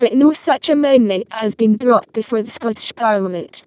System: VC, vocoder